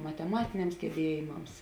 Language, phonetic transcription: Lithuanian, mateˈmatiniams geˈbiejimams

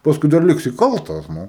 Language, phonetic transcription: Lithuanian, pasˈkui dar ˈliksi ˈkaltas ˈnu

